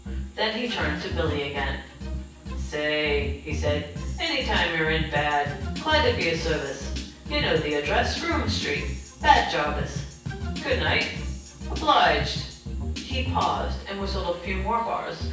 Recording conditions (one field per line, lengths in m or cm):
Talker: one person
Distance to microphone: 9.8 m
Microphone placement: far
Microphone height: 1.8 m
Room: large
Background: music